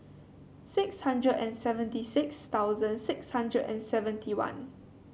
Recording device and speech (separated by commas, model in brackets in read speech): mobile phone (Samsung C7), read sentence